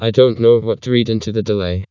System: TTS, vocoder